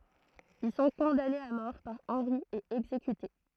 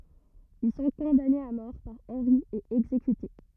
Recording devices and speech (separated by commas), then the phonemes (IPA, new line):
throat microphone, rigid in-ear microphone, read sentence
il sɔ̃ kɔ̃danez a mɔʁ paʁ ɑ̃ʁi e ɛɡzekyte